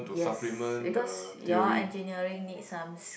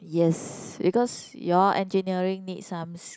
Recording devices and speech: boundary microphone, close-talking microphone, conversation in the same room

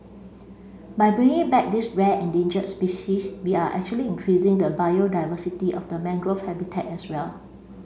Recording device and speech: mobile phone (Samsung C5), read sentence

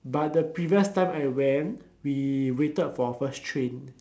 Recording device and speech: standing microphone, conversation in separate rooms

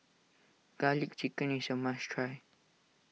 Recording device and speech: mobile phone (iPhone 6), read sentence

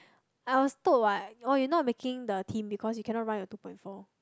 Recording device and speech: close-talking microphone, conversation in the same room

